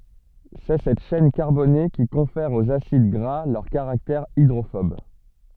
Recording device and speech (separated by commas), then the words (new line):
soft in-ear microphone, read sentence
C'est cette chaîne carbonée qui confère aux acides gras leur caractère hydrophobe.